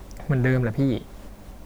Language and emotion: Thai, neutral